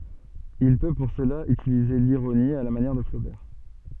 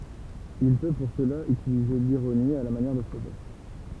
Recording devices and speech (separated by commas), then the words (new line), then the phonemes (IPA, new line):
soft in-ear microphone, temple vibration pickup, read sentence
Il peut pour cela utiliser l'ironie, à la manière de Flaubert.
il pø puʁ səla ytilize liʁoni a la manjɛʁ də flobɛʁ